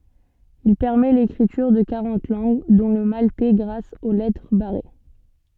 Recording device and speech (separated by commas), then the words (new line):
soft in-ear microphone, read sentence
Il permet l’écriture de quarante langues, dont le maltais grâce aux lettres barrées.